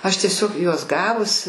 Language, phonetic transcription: Lithuanian, ˈaš tieˈsiog ˈjuos ˈgavus

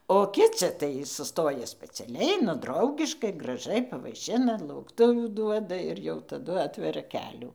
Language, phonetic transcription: Lithuanian, o ˈkici tai suˈstoja speciaˈliai nu ˈdraugiškai graˈžai pavaiˈšina laukˈtuvių ˈduoda ir jau taˈdu ˈatveria ˈkelių

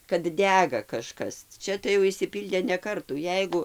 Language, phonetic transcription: Lithuanian, kad ˈdæga kaˈžkas ˈčia tai jau išsiˈpyldė ne ˈkartų ˈjeigu

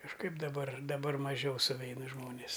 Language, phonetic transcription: Lithuanian, kažˈkaip daˈbar daˈbar maˈžiau suˈveina ˈžmonės

